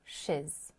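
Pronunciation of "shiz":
'She is' is said in its weak form, 'shiz', not as 'she's'.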